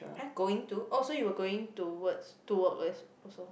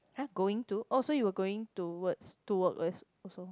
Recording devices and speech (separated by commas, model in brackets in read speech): boundary microphone, close-talking microphone, conversation in the same room